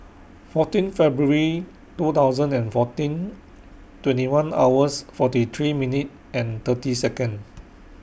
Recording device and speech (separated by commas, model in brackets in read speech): boundary microphone (BM630), read sentence